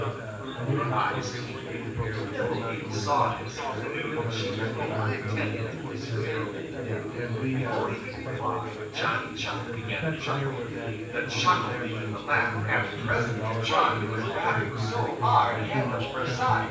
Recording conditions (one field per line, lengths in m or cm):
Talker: one person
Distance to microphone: 9.8 m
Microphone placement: far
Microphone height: 1.8 m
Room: large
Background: babble